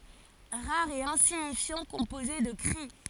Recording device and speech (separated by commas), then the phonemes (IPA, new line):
forehead accelerometer, read sentence
ʁaʁ e ɛ̃siɲifjɑ̃ kɔ̃poze də kʁi